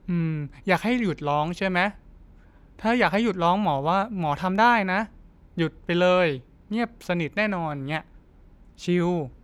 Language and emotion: Thai, neutral